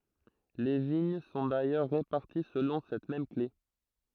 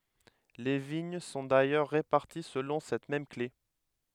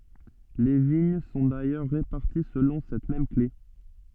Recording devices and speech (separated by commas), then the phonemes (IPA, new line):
throat microphone, headset microphone, soft in-ear microphone, read sentence
le viɲ sɔ̃ dajœʁ ʁepaʁti səlɔ̃ sɛt mɛm kle